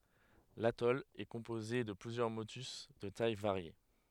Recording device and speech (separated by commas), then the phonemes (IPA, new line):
headset microphone, read sentence
latɔl ɛ kɔ̃poze də plyzjœʁ motys də taj vaʁje